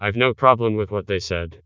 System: TTS, vocoder